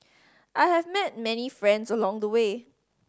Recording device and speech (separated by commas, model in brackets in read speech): standing microphone (AKG C214), read sentence